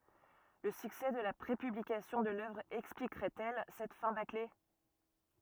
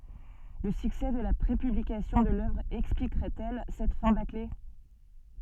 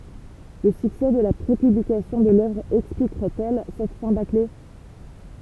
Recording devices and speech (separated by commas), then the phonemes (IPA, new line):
rigid in-ear microphone, soft in-ear microphone, temple vibration pickup, read sentence
lə syksɛ də la pʁepyblikasjɔ̃ də lœvʁ ɛksplikʁɛt ɛl sɛt fɛ̃ bakle